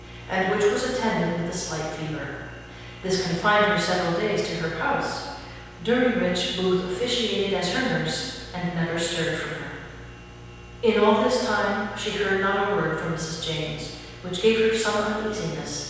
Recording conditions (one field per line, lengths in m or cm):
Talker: one person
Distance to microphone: 7.1 m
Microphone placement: far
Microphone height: 1.7 m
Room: very reverberant, large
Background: none